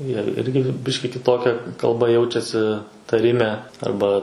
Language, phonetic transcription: Lithuanian, jie ˈirgi ˈbiški kiˈtokia kalˈba ˈjaučiasi taˈrime ˈarba

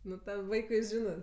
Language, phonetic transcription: Lithuanian, ˈnu tam ˈvaikui ˈžinɜ

